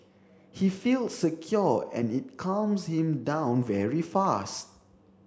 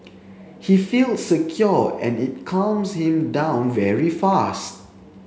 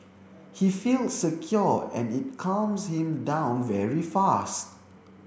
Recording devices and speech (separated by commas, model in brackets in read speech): standing microphone (AKG C214), mobile phone (Samsung C7), boundary microphone (BM630), read sentence